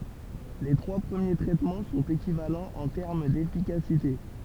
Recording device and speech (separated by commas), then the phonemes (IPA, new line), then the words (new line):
temple vibration pickup, read sentence
le tʁwa pʁəmje tʁɛtmɑ̃ sɔ̃t ekivalɑ̃z ɑ̃ tɛʁm defikasite
Les trois premiers traitements sont équivalents en termes d'efficacité.